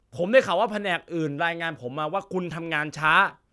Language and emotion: Thai, angry